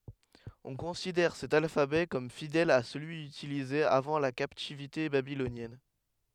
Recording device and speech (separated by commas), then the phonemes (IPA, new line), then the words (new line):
headset microphone, read sentence
ɔ̃ kɔ̃sidɛʁ sɛt alfabɛ kɔm fidɛl a səlyi ytilize avɑ̃ la kaptivite babilonjɛn
On considère cet alphabet comme fidèle à celui utilisé avant la captivité babylonienne.